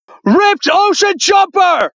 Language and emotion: English, neutral